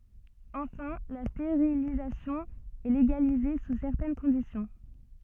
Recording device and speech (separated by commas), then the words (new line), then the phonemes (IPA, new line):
soft in-ear microphone, read sentence
Enfin, la stérilisation est légalisée sous certaines conditions.
ɑ̃fɛ̃ la steʁilizasjɔ̃ ɛ leɡalize su sɛʁtɛn kɔ̃disjɔ̃